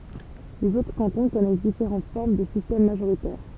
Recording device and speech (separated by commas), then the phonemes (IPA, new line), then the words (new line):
temple vibration pickup, read sentence
lez otʁ kɑ̃tɔ̃ kɔnɛs difeʁɑ̃t fɔʁm də sistɛm maʒoʁitɛʁ
Les autres cantons connaissent différentes formes de système majoritaire.